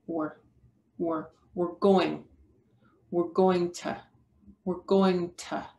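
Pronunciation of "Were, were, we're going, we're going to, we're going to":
'We're' is said in a reduced form in 'we're going to'.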